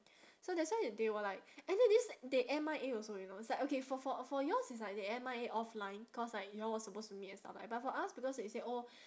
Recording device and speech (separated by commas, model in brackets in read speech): standing microphone, conversation in separate rooms